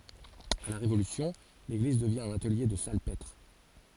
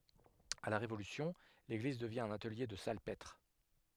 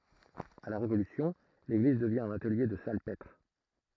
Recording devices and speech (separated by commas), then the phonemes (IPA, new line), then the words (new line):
forehead accelerometer, headset microphone, throat microphone, read sentence
a la ʁevolysjɔ̃ leɡliz dəvjɛ̃ œ̃n atəlje də salpɛtʁ
À la Révolution, l'église devient un atelier de salpêtre.